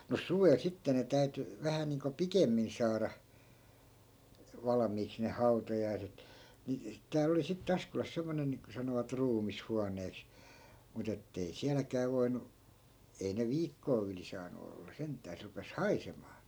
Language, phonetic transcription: Finnish, mus 'suvel sitte ne 'täy̬ty , 'vähä niiŋko "pikemmin 'saara , 'valᵃmiiks ne "hau̬tajaiset , ni , 'tääl ‿oli sitte 'askolas 'semmonen niiŋko sanovat "ruumis'huaǹeeks , 'mut ‿ettei "siäläkää voinu , 'ei ne "viikkoo yli 'saanu olla 'sent̆tää se rupes "haisemaa .
- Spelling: mutta suvella sitten ne täytyi vähän niin kuin pikemmin saada valmiiksi ne hautajaiset niin täällä oli sitten Askolassa semmoinen niin kuin sanovat ruumishuoneeksi mutta että ei sielläkään voinut ei ne viikkoa yli saanut olla sentään se rupesi haisemaan

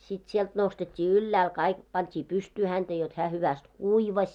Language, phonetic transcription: Finnish, sit sielt nostet́t́ii "yllääl kaik , 'pant́ii 'pystyy hänᴅä jot hää 'hyväst "kuivaś .
- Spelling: sitten sieltä nostettiin ylhäälle kaikki pantiin pystyyn häntä jotta hän hyvästi kuivasi

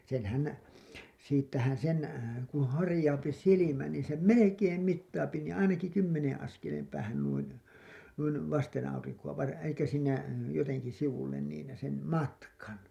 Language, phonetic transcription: Finnish, senhän , siittähän̬ sen , kuṵ 'harĭjaupi "silimä nii sem "melekeem 'mittaapi niiḭ "ainaki 'kymmeneḛ 'askelem päähän nuin̬ , nuin , 'vasten₍auriŋku₍a var- , elikkä siinä , joteŋki sivullen niin , sem "matkan .
- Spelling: senhän siitähän sen kun harjaantuu silmä niin sen melkein mittaa niin ainakin kymmenen askeleen päähän noin noin vasten aurinkoa - eli siinä jotenkin sivulle niin sen matkan

